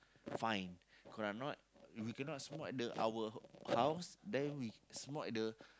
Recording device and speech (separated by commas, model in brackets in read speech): close-talking microphone, conversation in the same room